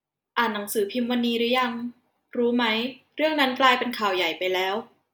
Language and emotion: Thai, neutral